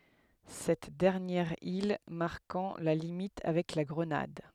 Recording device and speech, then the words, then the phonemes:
headset microphone, read sentence
Cette dernière île marquant la limite avec la Grenade.
sɛt dɛʁnjɛʁ il maʁkɑ̃ la limit avɛk la ɡʁənad

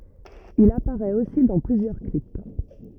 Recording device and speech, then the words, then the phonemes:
rigid in-ear microphone, read sentence
Il apparaît aussi dans plusieurs clips.
il apaʁɛt osi dɑ̃ plyzjœʁ klip

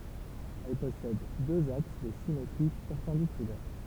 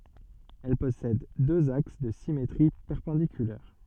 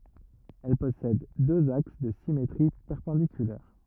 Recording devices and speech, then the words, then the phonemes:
temple vibration pickup, soft in-ear microphone, rigid in-ear microphone, read sentence
Elle possède deux axes de symétrie perpendiculaires.
ɛl pɔsɛd døz aks də simetʁi pɛʁpɑ̃dikylɛʁ

